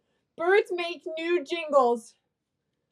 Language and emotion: English, fearful